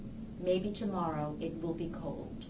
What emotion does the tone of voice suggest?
sad